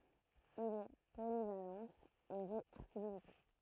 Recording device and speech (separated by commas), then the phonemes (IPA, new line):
throat microphone, read sentence
il ɛ polivalɑ̃s e ʁevɛʁsibilite